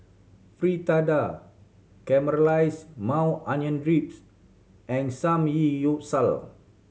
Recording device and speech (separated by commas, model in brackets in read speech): mobile phone (Samsung C7100), read sentence